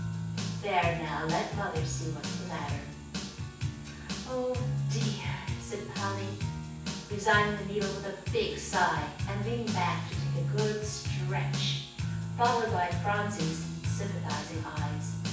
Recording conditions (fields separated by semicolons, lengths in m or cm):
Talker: one person; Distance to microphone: 9.8 m; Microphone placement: far; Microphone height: 1.8 m; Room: large; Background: music